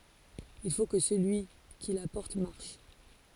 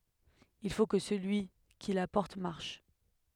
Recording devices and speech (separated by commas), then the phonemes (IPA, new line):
forehead accelerometer, headset microphone, read sentence
il fo kə səlyi ki la pɔʁt maʁʃ